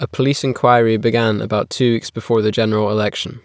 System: none